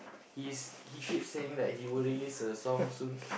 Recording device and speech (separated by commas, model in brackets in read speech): boundary microphone, conversation in the same room